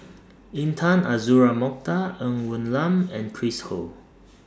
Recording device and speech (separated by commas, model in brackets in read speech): standing microphone (AKG C214), read sentence